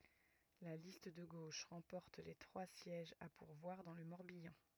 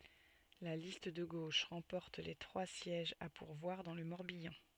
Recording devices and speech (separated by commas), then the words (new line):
rigid in-ear microphone, soft in-ear microphone, read sentence
La liste de gauche remporte les trois sièges à pourvoir dans le Morbihan.